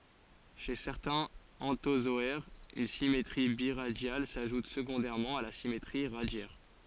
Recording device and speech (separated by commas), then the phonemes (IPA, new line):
forehead accelerometer, read sentence
ʃe sɛʁtɛ̃z ɑ̃tozɔɛʁz yn simetʁi biʁadjal saʒut səɡɔ̃dɛʁmɑ̃ a la simetʁi ʁadjɛʁ